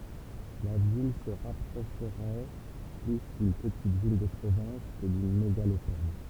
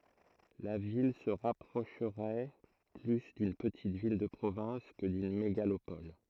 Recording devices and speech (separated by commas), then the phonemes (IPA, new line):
temple vibration pickup, throat microphone, read sentence
la vil sə ʁapʁoʃʁɛ ply dyn pətit vil də pʁovɛ̃s kə dyn meɡalopɔl